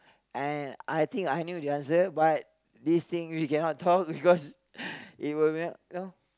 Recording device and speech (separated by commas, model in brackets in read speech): close-talking microphone, conversation in the same room